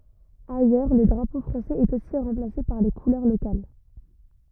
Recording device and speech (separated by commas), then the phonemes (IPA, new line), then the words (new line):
rigid in-ear microphone, read sentence
ajœʁ lə dʁapo fʁɑ̃sɛz ɛt osi ʁɑ̃plase paʁ le kulœʁ lokal
Ailleurs le drapeau français est aussi remplacé par les couleurs locales.